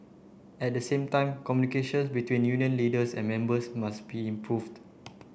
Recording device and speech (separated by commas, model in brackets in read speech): boundary microphone (BM630), read sentence